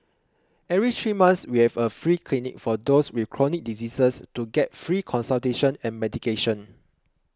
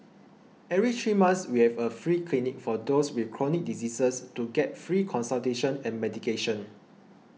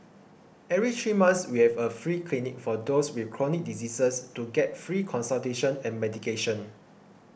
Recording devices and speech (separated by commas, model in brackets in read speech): close-talking microphone (WH20), mobile phone (iPhone 6), boundary microphone (BM630), read sentence